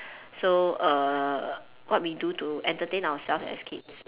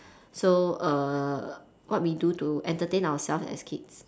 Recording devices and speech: telephone, standing microphone, conversation in separate rooms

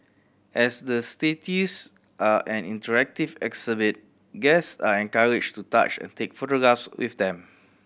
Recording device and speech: boundary microphone (BM630), read sentence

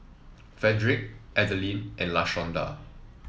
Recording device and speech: mobile phone (iPhone 7), read sentence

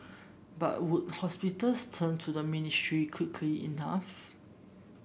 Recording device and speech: boundary microphone (BM630), read sentence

